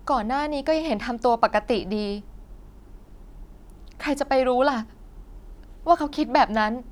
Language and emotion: Thai, frustrated